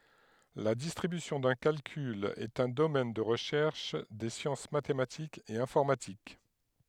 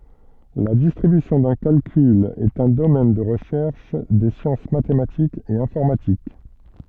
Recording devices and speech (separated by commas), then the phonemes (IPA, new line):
headset microphone, soft in-ear microphone, read sentence
la distʁibysjɔ̃ dœ̃ kalkyl ɛt œ̃ domɛn də ʁəʃɛʁʃ de sjɑ̃s matematikz e ɛ̃fɔʁmatik